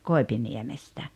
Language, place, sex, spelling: Finnish, Rautalampi, female, Koipiniemestä
- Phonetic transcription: 'Koepiniemestä .

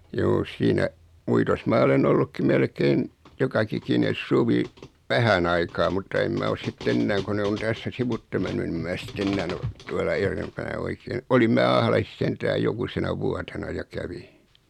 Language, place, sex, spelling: Finnish, Noormarkku, male, juu siinä uitossa minä olen ollutkin melkein joka ikinen suvi vähän aikaa mutta en minä ole sitten enää kun ne on tässä sivuitse mennyt niin en minä sitten enää ole tuolla edempänä oikein olin minä Ahlaisissa sentään jokusena vuotena ja kävin
- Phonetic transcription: juu 'siinä , 'uitos maa olen 'ollukki 'melkein , 'joka'kikines "suvi , 'vähän aikaa mutta 'em mä os 'sit't ‿ennääŋ ko 'ne on 'tässä 'sivutte menny ni 'em mää sit't ‿ennään ‿o , tuala 'erempänä 'oikeen "olim mää 'Ahla-sis 'sentääj 'jokusena vuatena ja 'kävi .

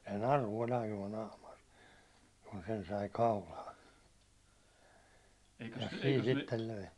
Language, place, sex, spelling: Finnish, Hollola, male, se naru oli ainoa naamari kun sen sai kaulaan siinä sitten löi
- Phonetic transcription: se 'naru ol 'ainuå 'naamar , kun sen sai 'kaulaan , siin sittel löi .

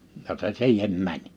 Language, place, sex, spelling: Finnish, Liperi, male, ja se siihen meni
- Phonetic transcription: ja se "siihem 'mäń .

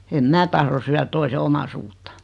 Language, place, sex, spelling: Finnish, Noormarkku, female, en minä tahdo syödä toisen omaisuutta
- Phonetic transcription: em 'mää tahro syär 'toise "oma-suuttᴀ .

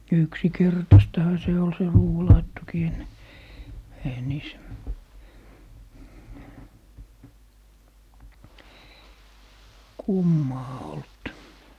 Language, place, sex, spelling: Finnish, Lappee, male, yksinkertaistahan se oli se ruuanlaittokin ennen eihän niissä kummaa ollut
- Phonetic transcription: "yksikertastaha se ol se 'ruuwalaittokii enne , eihä 'niis , "kummaa olt .

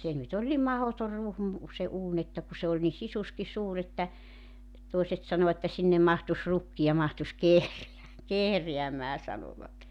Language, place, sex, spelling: Finnish, Joutsa, female, se nyt oli niin mahdoton ruhmu se uuni että kun se oli niin sisuskin suuri että toiset sanoi että sinne mahtuisi rukki ja mahtuisi - kehräämään sanoivat
- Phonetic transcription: 'se nyt ‿oĺ ni 'mahotor 'ruhmu , se 'uun ‿että ku se oĺ ni 'sisuski 'suur ‿että , 'toi̬set sano että 'sinnem 'mahtus 'rukki ja 'mahtus "kehreä- , 'kehreämää sanovat .

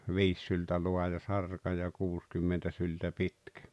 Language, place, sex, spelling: Finnish, Rautalampi, male, viisi syltä laaja sarka ja kuusikymmentä syltä pitkä
- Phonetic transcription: viis syltä 'luaja 'sarka ja 'kuuskymmentä syltä "pitkᴀ̈ .

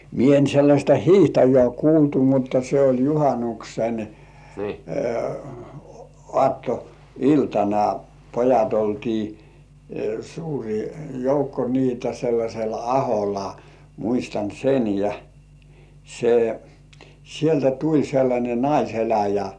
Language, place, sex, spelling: Finnish, Kurkijoki, male, minä en sellaista hiihtäjää kuultu mutta se oli juhannuksen aattoiltana pojat oltiin suuri joukko niitä sellaisella aholla muistan sen ja se sieltä tuli sellainen naiseläjä
- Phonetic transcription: 'mie en sellaśta "hiihtäjĕä̀ 'kuultu mutta se oĺ "juhanuksen , 'ŏàtto₍"iltana , "pojat 'oltii , suuri joukko niitä 'sellaśel "ahola , muistan sen ja , se , sieltä 'tuĺ sellańe "naiseläjä .

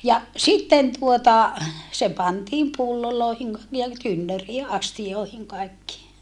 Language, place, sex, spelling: Finnish, Saarijärvi, female, ja sitten tuota se pantiin pulloihin niin ja tynnyriin astioihin kaikkiin
- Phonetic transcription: ja , sitten tuota , se pantiim pullolòehiŋ , nii ja tynnörii ʼastijòehiŋ kaekkii .

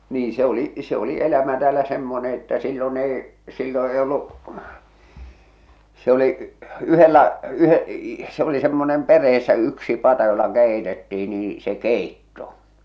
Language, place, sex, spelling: Finnish, Salla, male, niin se oli se oli elämä täällä semmoinen että silloin ei silloin ei ollut se oli yhdellä - se oli semmoinen perheessä yksi pata jolla keitettiin niin se keitto
- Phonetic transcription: nii se ‿oli , se ‿oli 'elämä täälä 'semmone että sillo'n ‿èi , sillo 'ei ollu’ , se ‿oli’ , 'yhellä , 'yhe- , se ‿oli semmonem 'per̆reessä 'yksi 'pata jolla 'kèi̬tettii nii , se "kèitto .

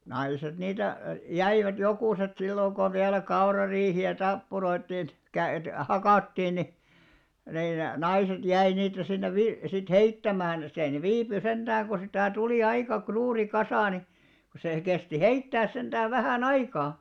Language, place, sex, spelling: Finnish, Alastaro, male, naiset niitä jäivät jokuset silloin kun vielä kaurariihiä tappuroitiin - hakattiin niin niin naiset jäi niitä sinne - sitten heittämään siellä ne viipyi sentään kun sitä tuli aika suuri kasa niin kun sehän kesti heittää sentään vähän aikaa
- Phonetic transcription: 'naiset niitä , 'jäivät 'jokùset sillòŋ ɢo 'viälä 'kaurariihi₍ä "tappuroittìn , 'käyt- 'hakàttiin ni , nin 'naiset 'jäi niitä sinne 'vi- sit "heittämään 'siäˡ ne "viipy 'senᴅaääŋ ku sitä̀ 'tulì 'aika 'kruuri 'kasà ni , ko seʰᵃ̈ kesti "heittääs senᴅääv 'vähä̀"n ‿aikaa .

